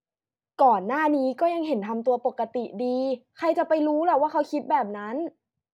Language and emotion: Thai, frustrated